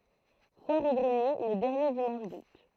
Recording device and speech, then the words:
throat microphone, read sentence
Foire aux greniers le dernier dimanche d'août.

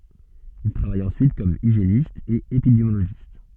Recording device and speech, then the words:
soft in-ear microphone, read sentence
Il travaille ensuite comme hygiéniste et épidémiologiste.

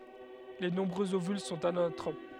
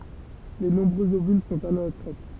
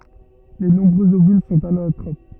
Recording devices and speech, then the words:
headset microphone, temple vibration pickup, rigid in-ear microphone, read sentence
Les nombreux ovules sont anatropes.

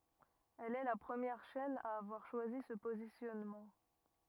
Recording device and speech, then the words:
rigid in-ear microphone, read sentence
Elle est la première chaîne à avoir choisi ce positionnement.

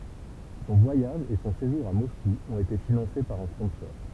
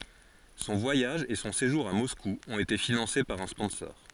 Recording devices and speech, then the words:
temple vibration pickup, forehead accelerometer, read sentence
Son voyage et son séjour à Moscou ont été financés par un sponsor.

